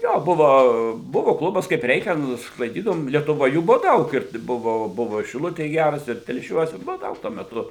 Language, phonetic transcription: Lithuanian, ˈjo ˈbuvo ˈbuvo ˈklubas kaip ˈreikian sklaiˈdydavom lietuˈvoj ˈjų ˈbuvo ˈdaug ir ˈbuvo ˈbuvo i šiˈlutėj ˈgæras ir telˈšiuos ir ˈbuvo ˈdaug tuo meˈtu

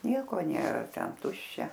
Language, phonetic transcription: Lithuanian, ˈnieko ˈnėra ˈten ˈtuščia

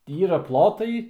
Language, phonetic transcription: Lithuanian, ˈyra ˈplotai

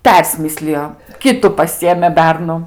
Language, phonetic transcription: Lithuanian, ˈpersmislijo ˈkitu paˈsijėmė ˈbernu

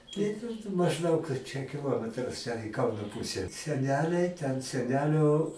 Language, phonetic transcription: Lithuanian, tai mažˈdaug čia kiˈlometras čia i ˈkauno ˈpuse seˈneliai ten seˈnelio

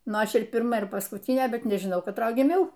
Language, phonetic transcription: Lithuanian, ˈnu ˈaš ir pirˈma ir paskutynė ˈbet nežiˈnau katˈroj giˈmiau

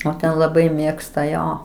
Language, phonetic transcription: Lithuanian, o ˈten laˈbai ˈmėgsta ˈjo

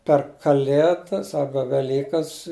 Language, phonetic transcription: Lithuanian, per kaˈlėdas ˈarba veˈlykas

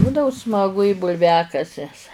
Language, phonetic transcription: Lithuanian, ˈbūdavo smaˈgu i bulˈviakases

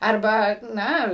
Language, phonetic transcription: Lithuanian, arˈba ˈna

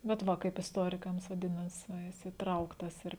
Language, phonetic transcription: Lithuanian, bet ˈva kaip isˈtorikams vaˈdinas va ˈjis įˈtrauktas ir

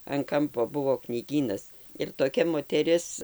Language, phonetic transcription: Lithuanian, an ˈkampo ˈbuvo knyˈgynas ir toˈkia moteˈris

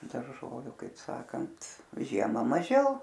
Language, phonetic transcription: Lithuanian, darˈžoviu kaip ˈsakant ˈžiema maˈžiau

